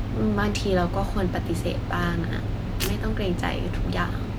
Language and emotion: Thai, sad